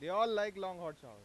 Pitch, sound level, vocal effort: 185 Hz, 102 dB SPL, very loud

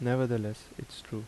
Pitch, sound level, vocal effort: 115 Hz, 77 dB SPL, soft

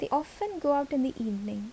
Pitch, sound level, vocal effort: 280 Hz, 75 dB SPL, soft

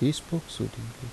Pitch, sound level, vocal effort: 130 Hz, 74 dB SPL, soft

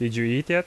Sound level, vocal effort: 86 dB SPL, normal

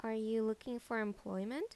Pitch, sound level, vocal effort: 225 Hz, 81 dB SPL, normal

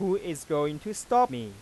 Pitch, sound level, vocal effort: 170 Hz, 95 dB SPL, normal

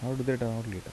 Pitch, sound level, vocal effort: 120 Hz, 78 dB SPL, soft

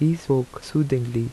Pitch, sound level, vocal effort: 135 Hz, 78 dB SPL, soft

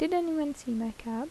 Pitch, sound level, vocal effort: 270 Hz, 78 dB SPL, soft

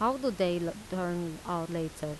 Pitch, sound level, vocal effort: 175 Hz, 84 dB SPL, normal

